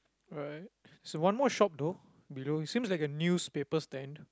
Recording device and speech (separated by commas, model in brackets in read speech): close-talking microphone, conversation in the same room